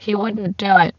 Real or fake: fake